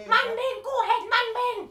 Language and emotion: Thai, angry